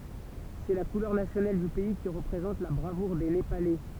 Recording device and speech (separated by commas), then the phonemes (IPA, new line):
temple vibration pickup, read sentence
sɛ la kulœʁ nasjonal dy pɛi ki ʁəpʁezɑ̃t la bʁavuʁ de nepalɛ